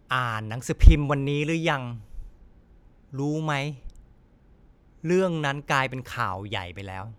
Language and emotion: Thai, frustrated